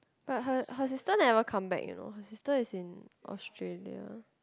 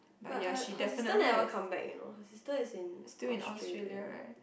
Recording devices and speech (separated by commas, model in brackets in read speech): close-talking microphone, boundary microphone, conversation in the same room